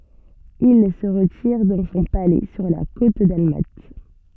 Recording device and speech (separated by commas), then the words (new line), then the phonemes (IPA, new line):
soft in-ear microphone, read sentence
Il se retire dans son palais sur la côte dalmate.
il sə ʁətiʁ dɑ̃ sɔ̃ palɛ syʁ la kot dalmat